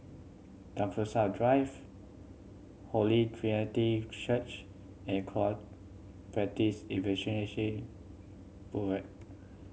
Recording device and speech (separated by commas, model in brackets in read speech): mobile phone (Samsung C7100), read sentence